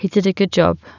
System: none